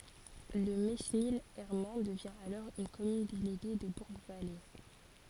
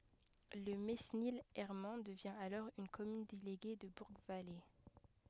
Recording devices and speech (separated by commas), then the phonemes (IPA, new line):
forehead accelerometer, headset microphone, read sentence
lə menil ɛʁmɑ̃ dəvjɛ̃ alɔʁ yn kɔmyn deleɡe də buʁɡvale